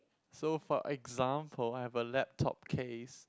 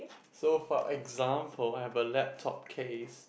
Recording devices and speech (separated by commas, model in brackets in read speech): close-talking microphone, boundary microphone, conversation in the same room